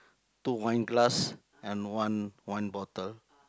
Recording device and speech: close-talking microphone, conversation in the same room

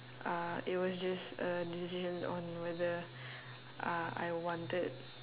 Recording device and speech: telephone, conversation in separate rooms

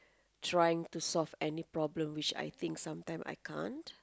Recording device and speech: close-talking microphone, conversation in the same room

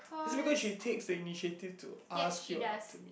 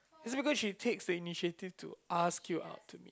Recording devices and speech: boundary microphone, close-talking microphone, conversation in the same room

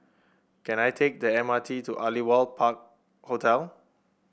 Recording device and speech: boundary microphone (BM630), read sentence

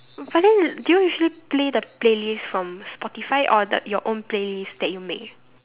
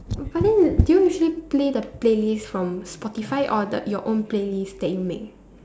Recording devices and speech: telephone, standing microphone, conversation in separate rooms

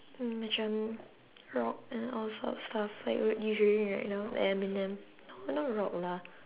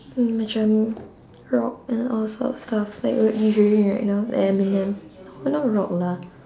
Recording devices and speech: telephone, standing microphone, conversation in separate rooms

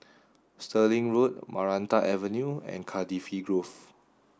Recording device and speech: standing microphone (AKG C214), read sentence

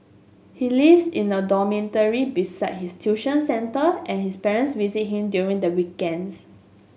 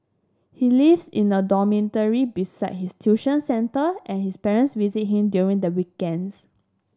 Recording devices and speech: mobile phone (Samsung S8), standing microphone (AKG C214), read sentence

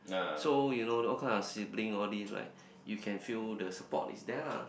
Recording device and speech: boundary microphone, conversation in the same room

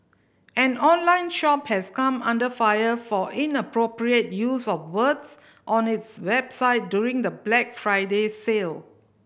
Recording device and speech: boundary microphone (BM630), read sentence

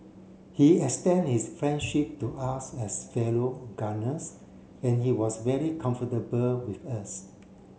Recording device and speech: mobile phone (Samsung C7), read sentence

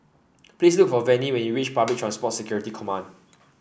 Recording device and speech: boundary microphone (BM630), read sentence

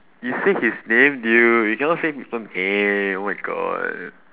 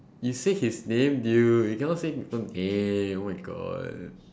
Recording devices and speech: telephone, standing microphone, conversation in separate rooms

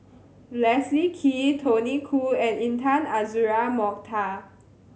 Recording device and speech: mobile phone (Samsung C7100), read sentence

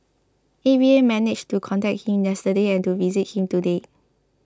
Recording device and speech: close-talking microphone (WH20), read sentence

